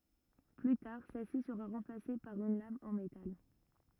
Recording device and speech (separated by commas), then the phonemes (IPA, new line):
rigid in-ear microphone, read sentence
ply taʁ sɛlsi səʁa ʁɑ̃plase paʁ yn lam ɑ̃ metal